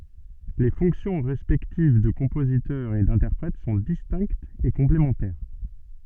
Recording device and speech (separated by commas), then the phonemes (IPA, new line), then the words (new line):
soft in-ear microphone, read sentence
le fɔ̃ksjɔ̃ ʁɛspɛktiv də kɔ̃pozitœʁ e dɛ̃tɛʁpʁɛt sɔ̃ distɛ̃ktz e kɔ̃plemɑ̃tɛʁ
Les fonctions respectives de compositeur et d'interprète sont distinctes et complémentaires.